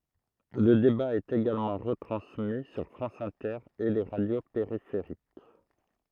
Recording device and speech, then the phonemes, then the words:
throat microphone, read sentence
lə deba ɛt eɡalmɑ̃ ʁətʁɑ̃smi syʁ fʁɑ̃s ɛ̃tɛʁ e le ʁadjo peʁifeʁik
Le débat est également retransmis sur France Inter et les radios périphériques.

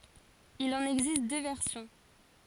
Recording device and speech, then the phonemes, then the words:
forehead accelerometer, read sentence
il ɑ̃n ɛɡzist dø vɛʁsjɔ̃
Il en existe deux versions.

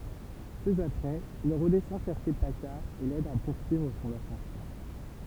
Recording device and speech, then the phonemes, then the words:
temple vibration pickup, read sentence
pø apʁɛz il ʁədɛsɑ̃ ʃɛʁʃe pakaʁ e lɛd a puʁsyivʁ sɔ̃n asɑ̃sjɔ̃
Peu après, il redescend chercher Paccard et l’aide à poursuivre son ascension.

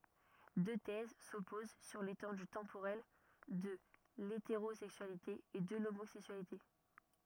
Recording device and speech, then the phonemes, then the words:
rigid in-ear microphone, read sentence
dø tɛz sɔpoz syʁ letɑ̃dy tɑ̃poʁɛl də leteʁozɛksyalite e də lomozɛksyalite
Deux thèses s’opposent sur l’étendue temporelle de l’hétérosexualité et de l’homosexualité.

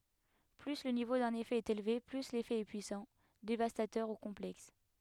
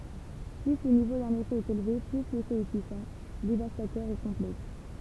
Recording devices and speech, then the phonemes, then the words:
headset microphone, temple vibration pickup, read sentence
ply lə nivo dœ̃n efɛ ɛt elve ply lefɛ ɛ pyisɑ̃ devastatœʁ u kɔ̃plɛks
Plus le niveau d'un effet est élevé, plus l'effet est puissant, dévastateur ou complexe.

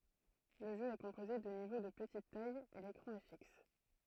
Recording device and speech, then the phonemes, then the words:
throat microphone, read sentence
lə ʒø ɛ kɔ̃poze də nivo də pətit taj e lekʁɑ̃ ɛ fiks
Le jeu est composé de niveaux de petite taille et l'écran est fixe.

